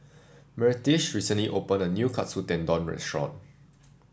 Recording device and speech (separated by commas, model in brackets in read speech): standing microphone (AKG C214), read sentence